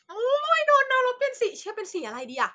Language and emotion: Thai, happy